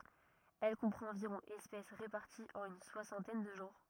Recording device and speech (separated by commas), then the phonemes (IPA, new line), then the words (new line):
rigid in-ear microphone, read sentence
ɛl kɔ̃pʁɑ̃t ɑ̃viʁɔ̃ ɛspɛs ʁepaʁtiz ɑ̃n yn swasɑ̃tɛn də ʒɑ̃ʁ
Elle comprend environ espèces réparties en une soixantaine de genres.